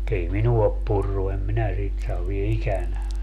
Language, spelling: Finnish, ei minua ole purrut en minä sitä sano vielä ikänä
- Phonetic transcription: 'ei 'minua op 'purru - em "minä 'sit sav - vie "ikänä .

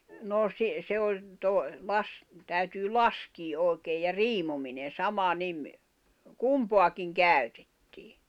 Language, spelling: Finnish, no - se oli - - täytyy laskea oikein ja riimominen sama niin kumpaakin käytettiin
- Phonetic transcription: nò si- , se oĺ , tòi̬- , las- , » täytyy "laskii ’òekeej̆ « ja "riimominen̬ 'sama 'nim , "kumpoakiŋ "kä̀y̬tᴇttɪɪ .

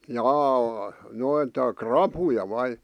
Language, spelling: Finnish, jaa noita rapuja vai
- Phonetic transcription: jâ , noita "krapuja 'vai ?

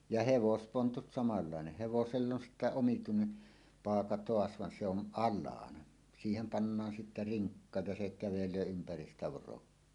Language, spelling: Finnish, ja hevospontut samanlainen hevoselle on sitten omituinen paaka taas vaan se on alhaalla siihen pannaan sitten rinkka ja se kävelee ympäri sitä vorokkia
- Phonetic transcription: ja "hevospontut samallàeneʰ 'hevosell ‿on sittä 'omituinen , "paaka "toas van se ‿on 'ˀallaana , siihem pannaan sittä "riŋkka ja se kävelöö ympäris sⁱtä 'vorokkie .

